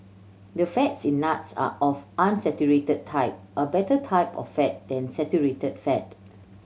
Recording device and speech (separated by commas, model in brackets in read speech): mobile phone (Samsung C7100), read sentence